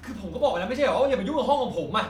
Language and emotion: Thai, angry